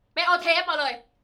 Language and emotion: Thai, angry